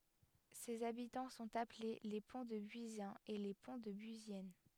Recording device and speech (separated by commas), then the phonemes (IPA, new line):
headset microphone, read sentence
sez abitɑ̃ sɔ̃t aple le pɔ̃tdəbyizjɛ̃z e le pɔ̃tdəbyizjɛn